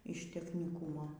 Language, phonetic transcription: Lithuanian, iš techniˈkūmo

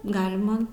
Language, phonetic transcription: Lithuanian, ˈgalima

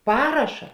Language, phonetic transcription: Lithuanian, ˈparaša

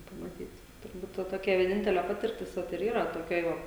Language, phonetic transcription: Lithuanian, pamaˈtyt turˈbūt ˈva toˈkia vieˈnintele ˈpatirtis ˈvat ir ˈyra toˈkioj ˈva

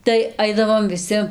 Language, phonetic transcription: Lithuanian, tai ˈaidavom viˈsi

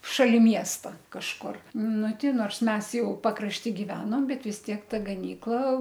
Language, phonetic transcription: Lithuanian, šaˈli ˈmiesta kažˈkur ˈnu ˈti ˈnors ˈmes ˈjau pakrašˈty giˈvenom ˈbet vis ˈtiek ˈta gaˈnykla

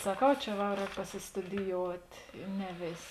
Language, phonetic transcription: Lithuanian, saˈkau ˈčia va ˈrēk pasistudijout' i ˈne ˈvės'

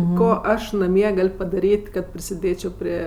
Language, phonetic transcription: Lithuanian, ˈko ˈaš naˈmie ˈgal' padaˈryt' kad prisiˈdėčio ˈprie

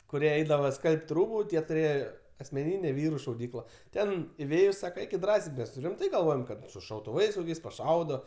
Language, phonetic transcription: Lithuanian, kuˈrie ˈeidava ˈskalb't' ˈrūbu ˈtie tuˈrėje asmeˈnynė ˈvyru šauˈdykla ˈten iˈvėjus ˈsaka ˈeikit ˈdrąsiai ˈmes ˈrimtai galˈvojom kad su šautuˈvais paˈšaudo

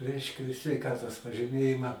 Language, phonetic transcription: Lithuanian, ˈreiškia sveiˈkatos pažyˈmėjimą

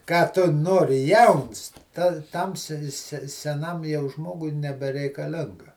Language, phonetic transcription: Lithuanian, ˈką tu ˈnori ˈjauns ˈta ˈtam se se seˈnam jau ˈžmogui nebereikaˈlinga

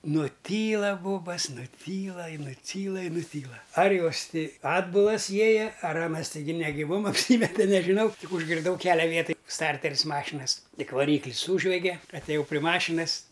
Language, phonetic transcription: Lithuanian, nuˈtyla ˈbobas nuˈtyla i nuˈtyla i nuˈtyla ar ˈjos ˈti ˈatbulas ˈjieja ar ˈanas teiˈgi negiˈvom apˈsymete nežiˈnau ˈtik užgirˈdau ˈkelia ˈvietaj ˈstarteris ˈmašinas ˈtik vaˈryklis ˈsūžvege ateˈjau pri ˈmašinas

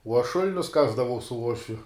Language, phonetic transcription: Lithuanian, uo aš ˈšul'nius ˈkasdavau su ˈuošviu

